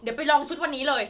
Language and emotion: Thai, happy